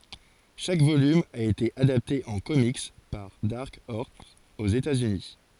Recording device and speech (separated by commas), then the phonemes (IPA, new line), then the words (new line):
forehead accelerometer, read sentence
ʃak volym a ete adapte ɑ̃ komik paʁ daʁk ɔʁs oz etaz yni
Chaque volume a été adapté en comics par Dark Horse aux États-Unis.